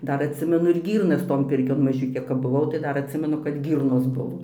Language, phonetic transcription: Lithuanian, ˈdar atˈsimenu ir ˈgyrnas ton ˈpirkion maˈžiukė kap buˈvau tai ˈdar atˈsimenu kad ˈgyrnos ˈbuvo

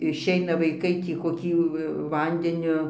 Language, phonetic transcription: Lithuanian, išˈeina vaiˈkai tį koˈkį ˈvandeniu

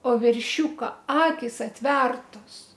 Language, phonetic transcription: Lithuanian, o verˈšiūka ˈakis atˈvertos

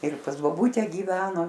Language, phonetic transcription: Lithuanian, ir pas boˈbūte gyˈveno

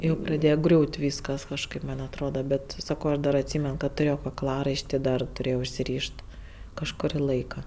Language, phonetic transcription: Lithuanian, ˈjau praˈdėje ˈgriūt' ˈvyskas kažˈkaip ˈman' atˈroda ˈbet ˈsako ˈaš dar atˈsymen kad tuˈrėjo kakˈlaraišti dar tuˈrėjo užsiˈryšt ˈkažkuri ˈlaika

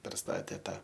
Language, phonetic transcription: Lithuanian, perˈstatė ˈtą

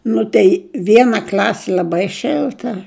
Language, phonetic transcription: Lithuanian, ˈnu tei ˈviena ˈkl'asi l'aˈbai ˈšilta

